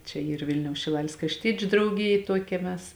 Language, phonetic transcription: Lithuanian, ˈčia ˈyr ˈvilniaus šiˈlalės krašˈtiečiu drauˈgijė ˈtuokia ˈmes

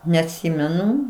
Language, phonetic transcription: Lithuanian, neatˈsymenu

